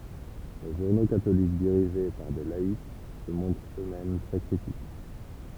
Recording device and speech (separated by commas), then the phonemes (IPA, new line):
temple vibration pickup, read sentence
le ʒuʁno katolik diʁiʒe paʁ de laik sə mɔ̃tʁt ø mɛm tʁɛ kʁitik